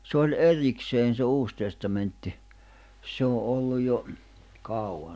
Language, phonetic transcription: Finnish, sᵉ ‿oĺ "’erikseen̬ se 'Uus Testamentti , se o '’olluj jo , 'kàu₍an .
- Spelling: se oli erikseen se Uusi Testamentti se on ollut jo kauan

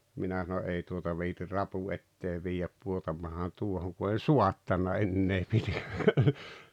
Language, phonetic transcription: Finnish, 'minä sano’ » '’ei tuota viitir "rapu ettee 'viijäp 'puotampahan 'tuohoŋ « ku en̬ "suattana "ennee pite- - .
- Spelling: minä sanon ei tuota viitsi rapun eteen viedä pudotanpahan tuohon kun en saattanut enää pitää

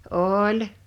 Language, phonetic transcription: Finnish, ooĺ ,.
- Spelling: oli

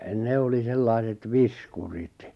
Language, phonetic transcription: Finnish, 'ne oli 'sellaiset "viskurit .
- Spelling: ne oli sellaiset viskurit

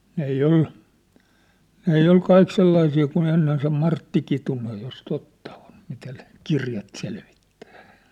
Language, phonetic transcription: Finnish, 'n ‿ei 'ol , 'n ‿ei ol 'kaik sellaisii ku'n ‿ennen se 'Martti Kitunej jos 'totta on , mitä ne , 'kirjat selvittᴀ̈ᴀ̈ .
- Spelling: ne ei ole ne ei ole kaikki sellaisia kuin ennen se Martti Kitunen jos totta on mitä ne kirjat selvittää

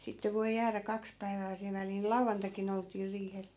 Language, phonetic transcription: Finnish, sitte 'voi̮ jäärä 'kaks päivää (sil) väliil "lauvvantakin ‿olt̀ii 'riihel .
- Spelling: sitten voi jäädä kaksi päivää sillä välillä lauantaikin oltiin riihellä

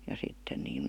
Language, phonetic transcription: Finnish, ja sitten niin̬ .,
- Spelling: ja sitten niin

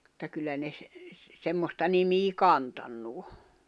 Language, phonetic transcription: Finnish, [mut]ta kyllä ne ‿s- , 'semmosta nimii "kantannu o .
- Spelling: mutta kyllä ne - semmoista nimeä kantanut on

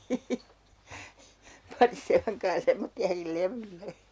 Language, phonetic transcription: Finnish, - - paŋkaa "semmotti₍akil 'levylle !
- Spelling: pankaa semmoisiakin levylle

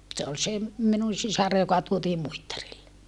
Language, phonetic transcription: Finnish, se ol se , minun̬ sisar joka tuotii Muittarille .
- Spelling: se oli se minun sisar joka tuotiin Muittarille

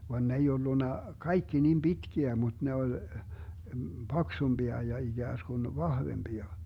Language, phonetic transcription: Finnish, van 'n ‿ei 'ollunna , "kaikki nim "Bitkiä mut ne oĺ , 'BaksumBia ja 'iGääsGun "vahvemBia .
- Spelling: vaan ne ei ollut kaikki niin pitkiä mutta ne oli paksumpia ja ikään kuin vahvempia

